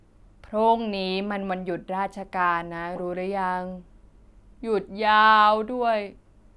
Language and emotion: Thai, frustrated